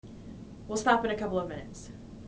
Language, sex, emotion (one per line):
English
female
neutral